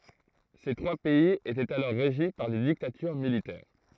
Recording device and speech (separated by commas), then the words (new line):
throat microphone, read sentence
Ces trois pays étaient alors régis par des dictatures militaires.